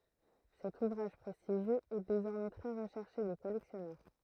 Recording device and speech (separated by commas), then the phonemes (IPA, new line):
throat microphone, read sentence
sɛt uvʁaʒ pʁɛstiʒjøz ɛ dezɔʁmɛ tʁɛ ʁəʃɛʁʃe de kɔlɛksjɔnœʁ